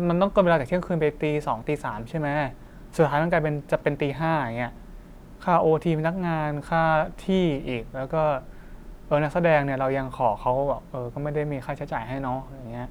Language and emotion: Thai, frustrated